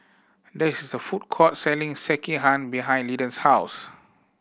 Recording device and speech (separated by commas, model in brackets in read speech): boundary microphone (BM630), read sentence